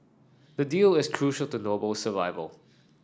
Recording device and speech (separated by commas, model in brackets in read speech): standing microphone (AKG C214), read sentence